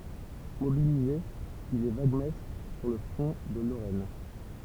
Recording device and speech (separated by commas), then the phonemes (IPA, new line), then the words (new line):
temple vibration pickup, read sentence
mobilize il ɛ vaɡmɛstʁ syʁ lə fʁɔ̃ də loʁɛn
Mobilisé, il est vaguemestre sur le front de Lorraine.